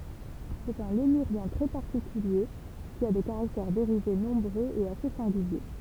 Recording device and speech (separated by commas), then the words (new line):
temple vibration pickup, read sentence
C’est un lémurien très particulier qui a des caractères dérivés nombreux et assez singuliers.